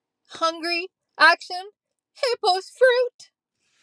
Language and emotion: English, sad